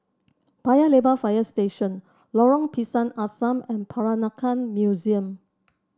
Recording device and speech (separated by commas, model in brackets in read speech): standing microphone (AKG C214), read sentence